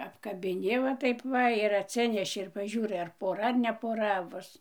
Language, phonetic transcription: Lithuanian, apkabiˈni va ˈtaip ˈva ir atˈsineši ir paˈžiūrai ar poˈra ar ne poˈra ˈbus

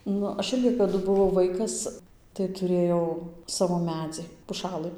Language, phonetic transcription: Lithuanian, ˈnu ˈaš ˈirgi kaˈdu buˈvau ˈvaikas tai tuˈrėjau ˈsavo ˈmedzi puˈšalɨ

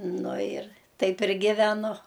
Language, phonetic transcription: Lithuanian, ˈnu ir ˈtaip ir giveˈnu

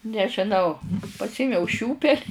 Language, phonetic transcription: Lithuanian, nežiˈnau pasˈėmiau ˈšiūpel'

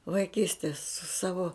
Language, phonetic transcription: Lithuanian, vaiˈkystės su ˈsavo

